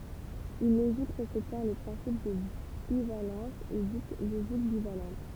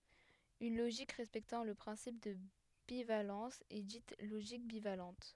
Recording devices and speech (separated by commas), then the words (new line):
temple vibration pickup, headset microphone, read sentence
Une logique respectant le principe de bivalence est dite logique bivalente.